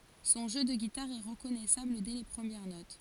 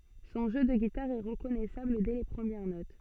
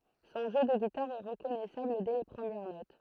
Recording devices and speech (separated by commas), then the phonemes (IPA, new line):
forehead accelerometer, soft in-ear microphone, throat microphone, read sentence
sɔ̃ ʒø də ɡitaʁ ɛ ʁəkɔnɛsabl dɛ le pʁəmjɛʁ not